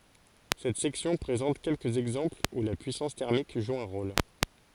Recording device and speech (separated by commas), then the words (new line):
forehead accelerometer, read sentence
Cette section présente quelques exemples où la puissance thermique joue un rôle.